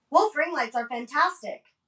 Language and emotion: English, neutral